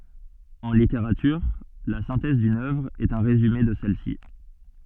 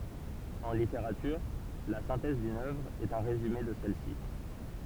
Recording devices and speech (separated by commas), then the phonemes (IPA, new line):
soft in-ear microphone, temple vibration pickup, read sentence
ɑ̃ liteʁatyʁ la sɛ̃tɛz dyn œvʁ ɛt œ̃ ʁezyme də sɛl si